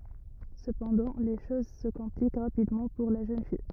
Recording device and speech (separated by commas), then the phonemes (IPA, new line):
rigid in-ear microphone, read sentence
səpɑ̃dɑ̃ le ʃoz sə kɔ̃plik ʁapidmɑ̃ puʁ la ʒøn fij